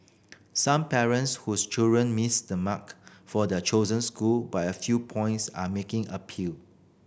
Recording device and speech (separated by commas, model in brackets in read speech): boundary microphone (BM630), read sentence